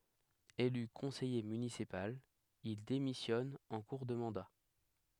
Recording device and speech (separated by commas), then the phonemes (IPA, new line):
headset microphone, read sentence
ely kɔ̃sɛje mynisipal il demisjɔn ɑ̃ kuʁ də mɑ̃da